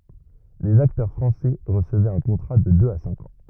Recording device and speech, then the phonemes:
rigid in-ear microphone, read sentence
lez aktœʁ fʁɑ̃sɛ ʁəsəvɛt œ̃ kɔ̃tʁa də døz a sɛ̃k ɑ̃

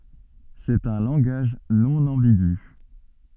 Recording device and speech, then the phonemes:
soft in-ear microphone, read sentence
sɛt œ̃ lɑ̃ɡaʒ nɔ̃ ɑ̃biɡy

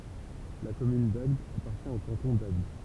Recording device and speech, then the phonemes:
temple vibration pickup, read sentence
la kɔmyn daɡd apaʁtjɛ̃ o kɑ̃tɔ̃ daɡd

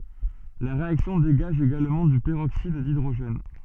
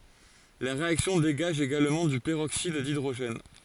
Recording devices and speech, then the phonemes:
soft in-ear microphone, forehead accelerometer, read sentence
la ʁeaksjɔ̃ deɡaʒ eɡalmɑ̃ dy pəʁoksid didʁoʒɛn

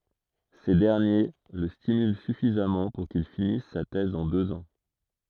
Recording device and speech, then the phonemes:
throat microphone, read sentence
se dɛʁnje lə stimylɑ̃ syfizamɑ̃ puʁ kil finis sa tɛz ɑ̃ døz ɑ̃

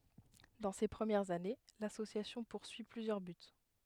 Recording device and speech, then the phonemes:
headset microphone, read sentence
dɑ̃ se pʁəmjɛʁz ane lasosjasjɔ̃ puʁsyi plyzjœʁ byt

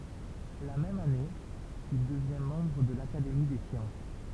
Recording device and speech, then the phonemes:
temple vibration pickup, read sentence
la mɛm ane il dəvjɛ̃ mɑ̃bʁ də lakademi de sjɑ̃s

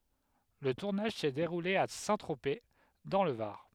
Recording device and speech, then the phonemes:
headset microphone, read sentence
lə tuʁnaʒ sɛ deʁule a sɛ̃tʁope dɑ̃ lə vaʁ

